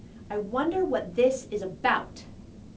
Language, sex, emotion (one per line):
English
female
angry